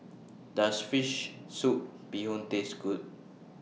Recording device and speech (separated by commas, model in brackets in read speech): mobile phone (iPhone 6), read sentence